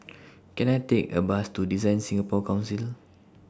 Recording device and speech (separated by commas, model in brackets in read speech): standing microphone (AKG C214), read sentence